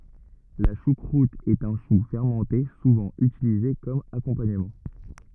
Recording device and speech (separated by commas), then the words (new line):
rigid in-ear microphone, read sentence
La choucroute est un chou fermenté souvent utilisé comme accompagnement.